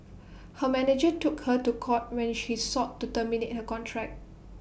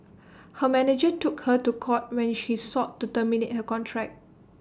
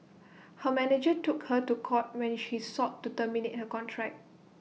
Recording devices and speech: boundary microphone (BM630), standing microphone (AKG C214), mobile phone (iPhone 6), read sentence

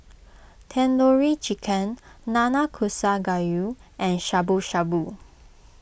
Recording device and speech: boundary microphone (BM630), read sentence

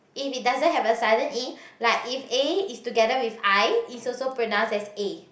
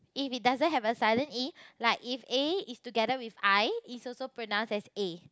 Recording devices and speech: boundary microphone, close-talking microphone, conversation in the same room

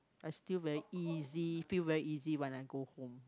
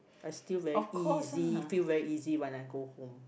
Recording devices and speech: close-talking microphone, boundary microphone, conversation in the same room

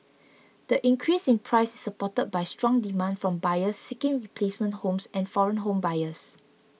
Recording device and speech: mobile phone (iPhone 6), read sentence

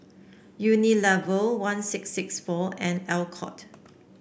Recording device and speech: boundary microphone (BM630), read sentence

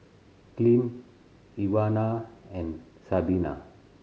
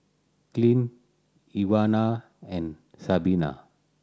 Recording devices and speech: mobile phone (Samsung C7100), standing microphone (AKG C214), read sentence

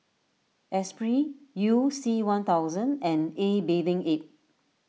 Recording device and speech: mobile phone (iPhone 6), read sentence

